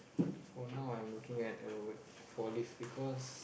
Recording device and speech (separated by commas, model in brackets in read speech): boundary microphone, conversation in the same room